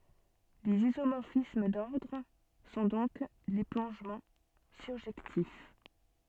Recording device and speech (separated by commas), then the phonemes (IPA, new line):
soft in-ear microphone, read sentence
lez izomɔʁfism dɔʁdʁ sɔ̃ dɔ̃k le plɔ̃ʒmɑ̃ syʁʒɛktif